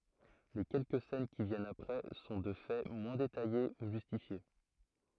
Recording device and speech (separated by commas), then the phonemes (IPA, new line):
throat microphone, read sentence
le kɛlkə sɛn ki vjɛnt apʁɛ sɔ̃ də fɛ mwɛ̃ detaje u ʒystifje